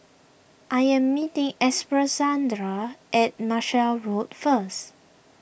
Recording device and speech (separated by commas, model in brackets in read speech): boundary microphone (BM630), read sentence